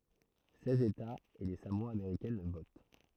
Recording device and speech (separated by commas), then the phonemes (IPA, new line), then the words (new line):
throat microphone, read sentence
sɛz etaz e le samoa ameʁikɛn vot
Seize États et les Samoa américaines votent.